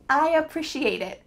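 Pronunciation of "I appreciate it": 'I appreciate it' is said in its full, clear form, not the relaxed one, and the first syllable of 'appreciate' is pronounced.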